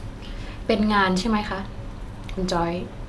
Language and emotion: Thai, neutral